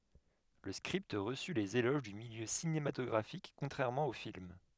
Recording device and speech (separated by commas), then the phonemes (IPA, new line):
headset microphone, read sentence
lə skʁipt ʁəsy lez eloʒ dy miljø sinematɔɡʁafik kɔ̃tʁɛʁmɑ̃ o film